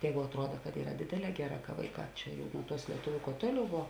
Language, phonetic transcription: Lithuanian, ˈjēgu atˈruoda kad ˈyra ˈdėdėˌlē ˈgeˌrā ka ˈvaiˌkā ˈčia jau nu ˈtuos lieˈtuviu kuo ˈtuoˌliau ˈvo

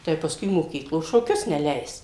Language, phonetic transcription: Lithuanian, tai paˈskui moˈkyklo šoˈkius neˈleis

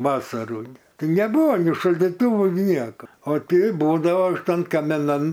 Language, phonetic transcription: Lithuanian, ˈvasarų ˈtai neˈbuvo ni šaldyˈtuvų ˈnieka o ˈtei ˈbūdavo ˈtan kamiˈnan

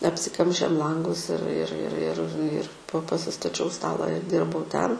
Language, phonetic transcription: Lithuanian, apsiˈkamšėm ˈlangus ir ir ir ir ir po pasistaˈčiau ˈstala ir ˈdirbau ˈten

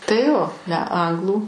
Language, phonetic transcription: Lithuanian, tai ˈjo ne ˈanglų

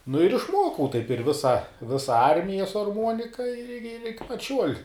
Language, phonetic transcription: Lithuanian, nu ir išˈmuokau taip ir ˈvisa ˈvisa ˈarmija su arˈmuonika ir ir iki pat ˈšiuol'

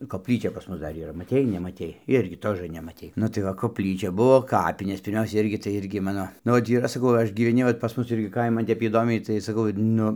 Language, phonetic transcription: Lithuanian, kopˈlyčia pas ˈmus ˈdar yˈra maˈtei nemaˈtei ˈirgi ˈtožɘ nemaˈtei ˈnu tai va kopˈlyčia ˈbuvo ˈkapinės pirˈmiausia ˈirgi tai ˈirgi ˈmano ˈnu ot ˈyra saˈkau ˈaš gyveˈni vat pas ˈmus ˈirgi ˈkaiman ˈtep įˈdomiai tai saˈkau ˈnu

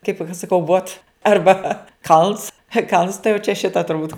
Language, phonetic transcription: Lithuanian, kaip aš saˈkau vot ˈarba ˈkalns kalns tai jau čia ˈšita turˈbūt

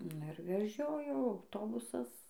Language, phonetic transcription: Lithuanian, ˈnu ir veˈžiojo auˈtobusas

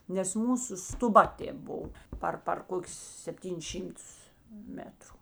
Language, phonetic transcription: Lithuanian, nes ˈmūsu stuˈba ˈtėp ˈbov ˈpar par ˈkokius sepˈtynis ˈšymˌtus ˈmetru

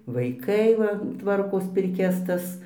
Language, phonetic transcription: Lithuanian, vaiˈkai va ˈtvarkos pirˈkias ˈtas

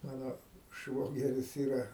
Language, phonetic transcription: Lithuanian, ˈmano ˈšvogeris ˈyra

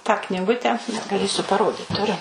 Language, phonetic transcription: Lithuanian, tą kniˈgute gaˈlėsiu paˈrodit tuˈriu

